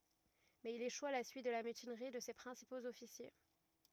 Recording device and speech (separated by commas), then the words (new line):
rigid in-ear microphone, read sentence
Mais il échoue à la suite de la mutinerie de ses principaux officiers.